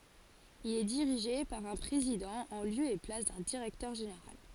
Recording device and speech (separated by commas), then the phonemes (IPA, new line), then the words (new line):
forehead accelerometer, read sentence
il ɛ diʁiʒe paʁ œ̃ pʁezidɑ̃ ɑ̃ ljø e plas dœ̃ diʁɛktœʁ ʒeneʁal
Il est dirigé par un président en lieu et place d'un directeur général.